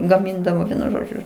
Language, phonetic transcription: Lithuanian, gaˈmindavo ˈvienu ˈžodžiu

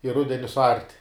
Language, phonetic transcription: Lithuanian, i ˈrudeni suˈart'

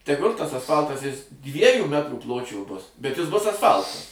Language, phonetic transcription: Lithuanian, teˈgul' tas asˈfaltas ˈjis ˈdviejų ˈmetrų ˈpločio ˈbus bet jis ˈbus asˈfaltas

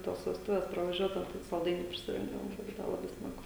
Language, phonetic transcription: Lithuanian, ˈtos vesˈtuves pravaˈžiuodau ˈtai salˈdainių prisiˈrinkdavom ˈbūdava laˈbai ˈsmagu

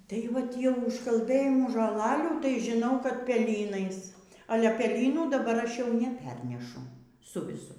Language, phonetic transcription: Lithuanian, tai ˈvat tie užkalˈbɘjimų žoˈlalių tai žiˈnau kad peˈlynais aˈle pelyˈnų daˈbar ˈaš jau neˈpernešu ˈsu viˈsu

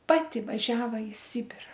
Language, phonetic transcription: Lithuanian, ˈpati vaˈžiava i ˈsibira

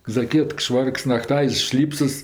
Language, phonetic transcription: Lithuanian, zaˈkiekt ˈšvarks naˈktaiz ˈšlypsas

